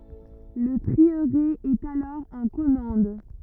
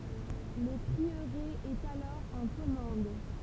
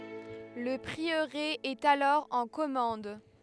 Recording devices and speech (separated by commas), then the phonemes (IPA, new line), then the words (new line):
rigid in-ear microphone, temple vibration pickup, headset microphone, read sentence
lə pʁiøʁe ɛt alɔʁ ɑ̃ kɔmɑ̃d
Le prieuré est alors en commende.